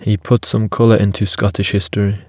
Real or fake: real